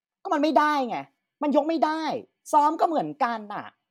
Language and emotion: Thai, angry